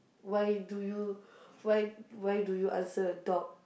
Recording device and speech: boundary microphone, conversation in the same room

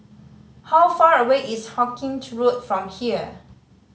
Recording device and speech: mobile phone (Samsung C5010), read sentence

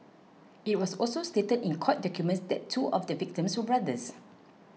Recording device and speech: mobile phone (iPhone 6), read sentence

